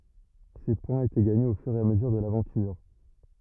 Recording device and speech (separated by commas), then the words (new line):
rigid in-ear microphone, read sentence
Ces points étaient gagnés au fur et à mesure de l'aventure.